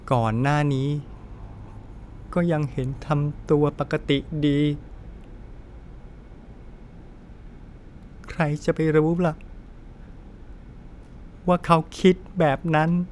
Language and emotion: Thai, sad